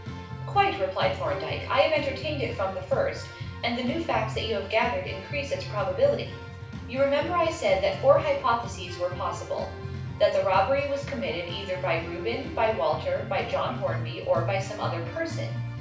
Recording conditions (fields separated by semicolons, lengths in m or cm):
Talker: one person; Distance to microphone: 5.8 m; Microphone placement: far; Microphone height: 1.8 m; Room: medium-sized (5.7 m by 4.0 m); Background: music